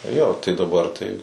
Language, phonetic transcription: Lithuanian, jo tai daˈbar tai

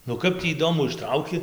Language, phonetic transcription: Lithuanian, nu ˈkap tį įˈdomu išˈtrauki

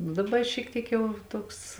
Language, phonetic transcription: Lithuanian, nu daˈba i šiek ˈtiek ˈjau ˈtuoks

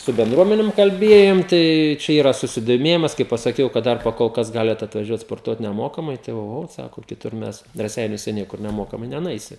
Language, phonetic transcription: Lithuanian, su bendˈruomenim kalˈbiejom ˈtai čia ˈyra susidoˈmėjimas kai pasaˈkiau kad ˈdar pakolˈkas ˈgaliat atvaˈžiuot sporˈtuot neˈmokamai ˈtai oˈho ˈsako kiˈtur ˈmes raˈseiniuose ˈniekur neˈmokamai nenuˈeisi

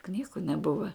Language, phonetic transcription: Lithuanian, ˈknygu neˈbuva

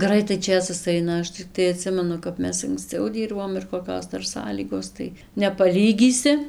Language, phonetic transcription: Lithuanian, ˈgraitai ˈčėsas ˈaina ˈaš ciˈktai aˈtsimenu kap ˈmes anksˈcau ˈdyrbom ir koˈkios ˈdar ˈsąlygos tai nepaˈlygysi

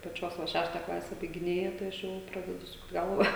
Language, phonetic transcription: Lithuanian, paˈčios va ˈšešta ˈklase baigiˈnėja tai ˈaš ˈjau ˈpradedu ˈsukt ˈgalva

